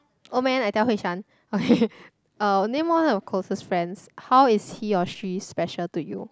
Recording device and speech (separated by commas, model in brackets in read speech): close-talking microphone, conversation in the same room